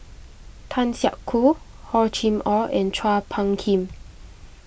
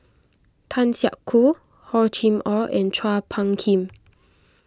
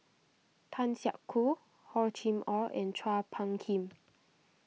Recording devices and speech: boundary microphone (BM630), close-talking microphone (WH20), mobile phone (iPhone 6), read sentence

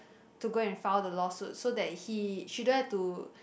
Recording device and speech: boundary microphone, conversation in the same room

